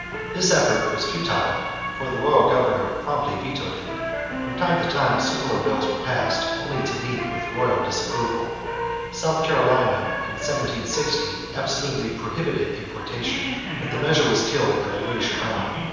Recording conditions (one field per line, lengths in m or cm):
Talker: one person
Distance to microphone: 7.1 m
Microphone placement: far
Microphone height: 1.7 m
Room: very reverberant, large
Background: television